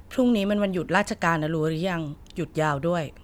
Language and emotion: Thai, frustrated